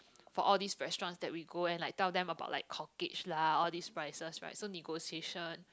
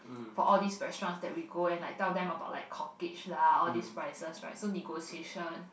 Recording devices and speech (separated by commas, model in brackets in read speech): close-talking microphone, boundary microphone, conversation in the same room